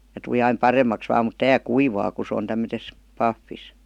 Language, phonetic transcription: Finnish, ja tuˡi 'aim "paremmaks 'vaam mut "tää "kuivaa ku 'sᵉ on 'tämmötes , 'paffis .
- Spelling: ja tuli aina paremmaksi vain mutta tämä kuivaa kun se on tämmöisessä pahvissa

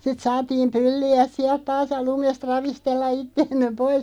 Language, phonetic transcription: Finnish, sit 'saatiim "pylli₍äˢ siälᵗ 'taas ja "lumest 'ravistella 'itteemme 'pois ,.
- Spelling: sitten saatiin pylliä sieltä taas ja lumesta ravistella itseämme pois

